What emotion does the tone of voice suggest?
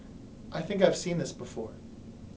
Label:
neutral